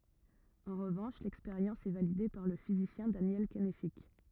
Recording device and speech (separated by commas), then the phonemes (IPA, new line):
rigid in-ear microphone, read sentence
ɑ̃ ʁəvɑ̃ʃ lɛkspeʁjɑ̃s ɛ valide paʁ lə fizisjɛ̃ danjɛl kɛnfik